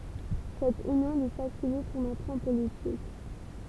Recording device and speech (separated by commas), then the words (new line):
temple vibration pickup, read sentence
Cette union lui facilite son entrée en politique.